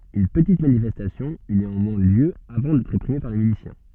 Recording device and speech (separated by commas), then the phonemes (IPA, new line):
soft in-ear microphone, read sentence
yn pətit manifɛstasjɔ̃ y neɑ̃mwɛ̃ ljø avɑ̃ dɛtʁ ʁepʁime paʁ le milisjɛ̃